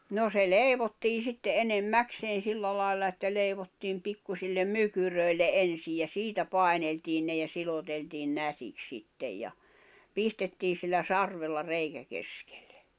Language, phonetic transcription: Finnish, no se 'leivottii sitte 'enem"mäkseen̬ 'silla lài̬lla että 'leivottiim 'pikkusillem "mykyrö̀i̬lle "’ensij ja "siitä 'pài̬neltiin ne ja 'siloteltiin 'nätik 'sittej ja , 'pistettii sillä "sarvella 'reikä 'keskᴇʟʟᴇ .
- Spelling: no se leivottiin sitten enemmäkseen sillä lailla että leivottiin pikkuisille mykyröille ensin ja siitä paineltiin ne ja siloteltiin nätiksi sitten ja pistettiin sillä sarvella reikä keskelle

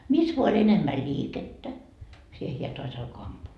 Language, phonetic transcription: Finnish, 'mis voa oĺ enemmä "ĺiikettä , 'siihe hiä toas ‿alko 'ampuu .
- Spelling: missä vain oli enemmän liikettä siihen hän taas alkoi ampua

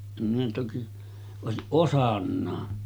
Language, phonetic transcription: Finnish, em minä toki , 'òesiˀ "ˀosannaa .
- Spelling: en minä toki olisi osannutkaan

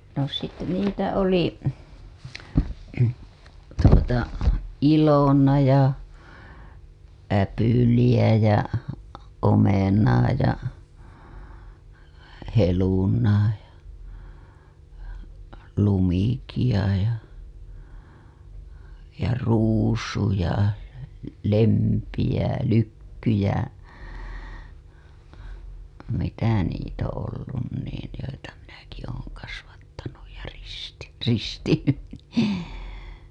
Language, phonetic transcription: Finnish, no , (sitte) niitä oli , tuota , 'Ilona ja , 'Äpyliʲä ja , 'Omenaa ja , 'Helunaa ja , 'Lumikiʲa ja , ja 'Ruusu ja , 'Lempi jä 'Lykky jä , mitä niit ‿oo̰ ollun niin̬ , joita minäki ooŋ kasvattanuj ja risti- , 'ristiny , nì .
- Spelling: no sitten niitä oli tuota Ilona ja Äpyliä ja Omenaa ja Helunaa ja Lumikkia ja ja Ruusu ja Lempi ja Lykky ja mitä niitä on ollut niin joita minäkin olen kasvattanut ja - ristinyt niin

